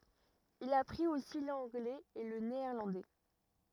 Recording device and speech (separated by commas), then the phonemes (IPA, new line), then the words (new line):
rigid in-ear microphone, read sentence
il apʁit osi lɑ̃ɡlɛz e lə neɛʁlɑ̃dɛ
Il apprit aussi l'anglais et le néerlandais.